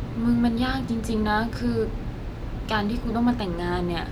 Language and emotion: Thai, sad